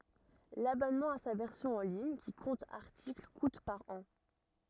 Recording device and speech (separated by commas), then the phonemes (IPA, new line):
rigid in-ear microphone, read sentence
labɔnmɑ̃ a sa vɛʁsjɔ̃ ɑ̃ liɲ ki kɔ̃t aʁtikl kut paʁ ɑ̃